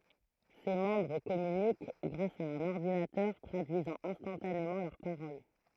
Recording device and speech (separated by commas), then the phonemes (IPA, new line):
throat microphone, read sentence
se mɑ̃bʁ kɔmynik ɡʁas a œ̃n ɔʁdinatœʁ tʁadyizɑ̃ ɛ̃stɑ̃tanemɑ̃ lœʁ paʁol